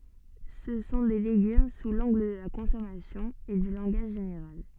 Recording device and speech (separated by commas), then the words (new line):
soft in-ear microphone, read sentence
Ce sont des légumes sous l'angle de la consommation et du langage général.